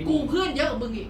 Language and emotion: Thai, angry